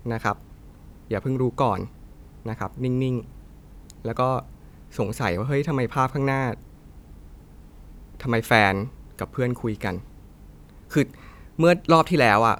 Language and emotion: Thai, frustrated